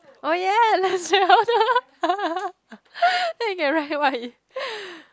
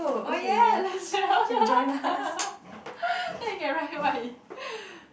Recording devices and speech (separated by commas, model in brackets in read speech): close-talking microphone, boundary microphone, conversation in the same room